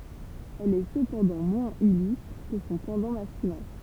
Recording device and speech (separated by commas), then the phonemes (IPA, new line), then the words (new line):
temple vibration pickup, read sentence
ɛl ɛ səpɑ̃dɑ̃ mwɛ̃z ilystʁ kə sɔ̃ pɑ̃dɑ̃ maskylɛ̃
Elle est cependant moins illustre que son pendant masculin.